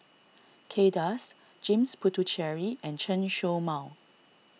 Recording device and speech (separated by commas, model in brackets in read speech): mobile phone (iPhone 6), read sentence